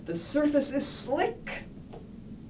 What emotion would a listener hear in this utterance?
disgusted